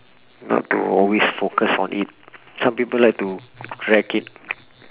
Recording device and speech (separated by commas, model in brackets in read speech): telephone, conversation in separate rooms